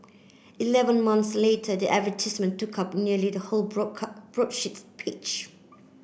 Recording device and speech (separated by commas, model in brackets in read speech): boundary microphone (BM630), read sentence